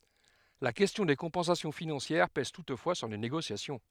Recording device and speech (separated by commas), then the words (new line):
headset microphone, read sentence
La question des compensations financières pèse toutefois sur les négociations.